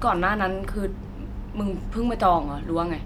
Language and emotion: Thai, frustrated